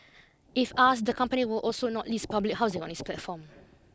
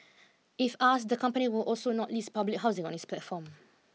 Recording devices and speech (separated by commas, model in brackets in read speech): close-talking microphone (WH20), mobile phone (iPhone 6), read sentence